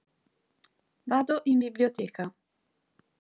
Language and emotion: Italian, neutral